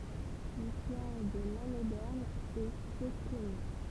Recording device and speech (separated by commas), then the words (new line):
temple vibration pickup, read sentence
L'histoire de Lannédern est peu connue.